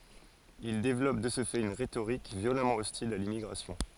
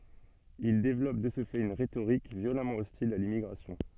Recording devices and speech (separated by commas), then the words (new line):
forehead accelerometer, soft in-ear microphone, read sentence
Ils développent de ce fait une rhétorique violemment hostile à l'immigration.